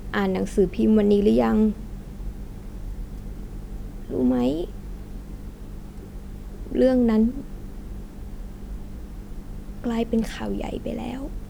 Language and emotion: Thai, sad